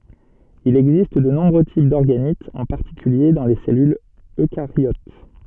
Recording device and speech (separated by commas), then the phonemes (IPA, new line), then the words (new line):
soft in-ear microphone, read sentence
il ɛɡzist də nɔ̃bʁø tip dɔʁɡanitz ɑ̃ paʁtikylje dɑ̃ le sɛlylz økaʁjot
Il existe de nombreux types d'organites, en particulier dans les cellules eucaryotes.